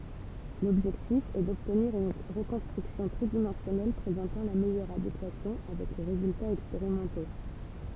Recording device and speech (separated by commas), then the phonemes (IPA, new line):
temple vibration pickup, read sentence
lɔbʒɛktif ɛ dɔbtniʁ yn ʁəkɔ̃stʁyksjɔ̃ tʁidimɑ̃sjɔnɛl pʁezɑ̃tɑ̃ la mɛjœʁ adekwasjɔ̃ avɛk le ʁezyltaz ɛkspeʁimɑ̃to